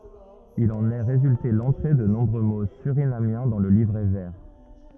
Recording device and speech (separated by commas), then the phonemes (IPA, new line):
rigid in-ear microphone, read sentence
il ɑ̃n ɛ ʁezylte lɑ̃tʁe də nɔ̃bʁø mo syʁinamjɛ̃ dɑ̃ lə livʁɛ vɛʁ